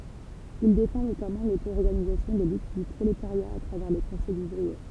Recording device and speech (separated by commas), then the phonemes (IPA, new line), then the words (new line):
temple vibration pickup, read sentence
il defɑ̃ notamɑ̃ lotoɔʁɡanizasjɔ̃ de lyt dy pʁoletaʁja a tʁavɛʁ le kɔ̃sɛjz uvʁie
Il défend notamment l'auto-organisation des luttes du prolétariat à travers les conseils ouvriers.